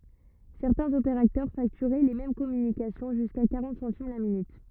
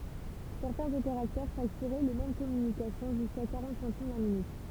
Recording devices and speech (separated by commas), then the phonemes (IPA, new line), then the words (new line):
rigid in-ear microphone, temple vibration pickup, read sentence
sɛʁtɛ̃z opeʁatœʁ faktyʁɛ le mɛm kɔmynikasjɔ̃ ʒyska kaʁɑ̃t sɑ̃tim la minyt
Certains opérateurs facturaient les mêmes communications jusqu'à quarante centimes la minute.